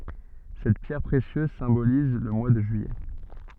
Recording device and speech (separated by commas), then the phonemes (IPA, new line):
soft in-ear microphone, read sentence
sɛt pjɛʁ pʁesjøz sɛ̃boliz lə mwa də ʒyijɛ